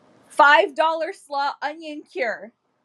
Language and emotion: English, sad